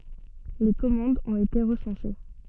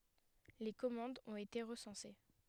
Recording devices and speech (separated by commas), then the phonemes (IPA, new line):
soft in-ear microphone, headset microphone, read sentence
le kɔmɑ̃dz ɔ̃t ete ʁəsɑ̃se